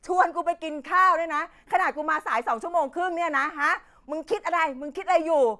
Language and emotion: Thai, angry